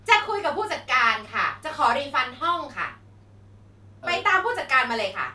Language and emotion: Thai, angry